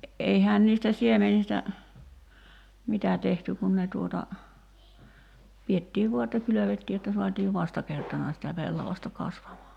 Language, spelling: Finnish, eihän niistä siemenistä mitä tehty kun ne tuota pidettiin vain että kylvettiin jotta saatiin vastakertana sitä pellavasta kasvamaan
- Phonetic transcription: 'eihään niistä 'siemenistä , "mitä tehty kun ne tuota , 'piettiiv 'vua että 'kylövettii jotta 'suatiiv "vastakertana sitä 'pellavasta 'kasvamaa .

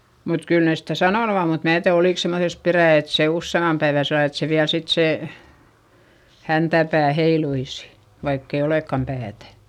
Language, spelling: Finnish, mutta kyllä ne sitä sanonut on mutta minä tiedä oliko semmoisessa perää että se useamman päivän sillä lailla että se vielä sitten se häntäpää heiluisi vaikka ei olekaan päätä
- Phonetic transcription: mut kyl nès stä sanònu om mut mää tiäδ ‿olìk semmoses perä̀ et se usseimmam päevä sellal ‿et se viäl sit sè , häntäpää heiluisI , vaikk ‿e olèkkam päätä .

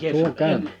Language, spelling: Finnish, tulkaa
- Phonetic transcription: tuluk̀ee ,

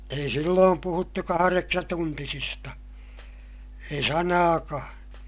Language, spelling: Finnish, ei silloin puhuttu kahdeksantuntisista ei sanaakaan
- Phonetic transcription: ei silloom puhuttu kahareksatuntisista , ei sanaakaa̰ .

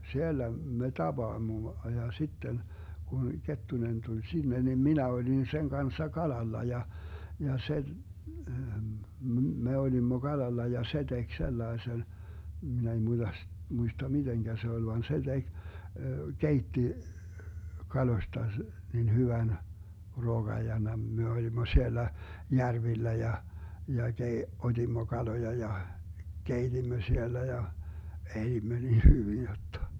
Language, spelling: Finnish, siellä me tapaamme ja sitten kun Kettunen tuli sinne niin minä olin sen kanssa kalalla ja ja se - me olimme kalalla ja se teki sellaisen minä ei - muista miten se oli vaan se teki keitti kaloista niin hyvän ruoan ja - me olimme siellä järvillä ja ja - otimme kaloja ja keitimme siellä ja elimme niin hyvin jotta
- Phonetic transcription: 'siellä me 'taBaammo ja 'sitten , kun 'Kettunen tuĺ 'sinne nim "minä 'olin 'seŋ 'kanssa "kalalla 'ja , ja 'se , m̥ 'me olimmo "Galalla ja "se 'Dek 'sellaesen , min ‿ei (muiDas) , 'muista "miDeŋGä 'se ‿oĺ van "se 'DeG , "keitti , 'kaloⁱsta , nin 'hyvän , ruoGaj ja mem- , me 'olimmo 'siellä , "järvillä ja , ja 'kei- , 'ot́immo "kaloja ja , "keitimmö 'siellä ja , 'elimmö nin 'hyvin jottA .

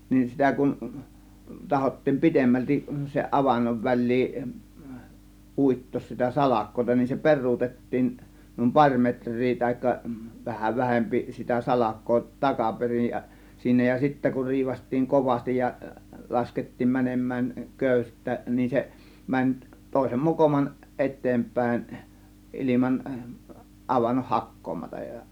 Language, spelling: Finnish, niin sitä kun tahkottiin pidemmälti sen avannon väliin uittaa sitä salkoa niin se peruutettiin niin pari metriä tai vähän vähempi sitä salkoa takaperin ja ja siinä ja sitten kun riipaistiin kovasti ja laskettiin menemään köyttä niin se meni toisen mokoman eteenpäin ilman avannon hakkaamatta ja
- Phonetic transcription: nin 'sitä kun , 'tahottiim "pi̬temmältiˀ , seˀ 'ˀavannov "väĺ̆liin , "ˀùittoos sitä "salak̆kò(ta) nin se 'per̆ruutettiin , nùim "paŕ 'metr̆rii tahikka vaha 'vähempi , 'sitä 'salak̆koo , "takaperij ja , ja siinä ja 'sittä kur 'riivast̆tiiŋ "kovastij ja , 'laskettiim 'mänem̆mään , 'kö̀ys§tä , nin 'se , 'mäń 'tòėsem "mokoman , "ˀetteemp̀ä̀ėn , 'ˀiliman , 'ˀavannoh "hak̀koomataj ja .

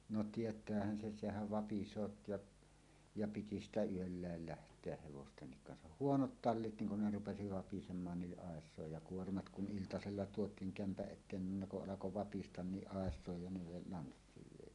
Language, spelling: Finnish, no tietäähän sen sehän vapisee ja ja piti sitä yöllä lähteä hevostenkin kanssa huonot tallit niin kun ne rupesi vapisemaan niin aisojen ja kuormat kun iltasella tuotiin kämpän eteen niin ne kun alkoi vapista niin aisojen ja ne lanssiin vei
- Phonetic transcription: no "tiet̀äähän 'sen̬ "sehäv 'vapis̀oot jaˀ , ja 'piti ‿stä "yölläel 'läht̀eäʰ hevostennik kansah "huonot "tallit niŋ kun ne 'rupesi 'vapisem̆maan ni ˀàes̀òej ja "kuormat 'kun "ˀiltasella 'tuot̀iiŋ 'kämpäˀ ˀet̆teen nin ne kuˀ 'ˀalako "vapistan niˀ "ˀàes̀òej ja ne 'lanssiiv 'vèi .

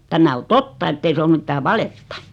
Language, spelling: Finnish, tämä on totta että ei se ole mitään valetta
- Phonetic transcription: 'tämä o "totta ettei se om 'mittää "valetta .

